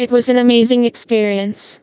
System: TTS, vocoder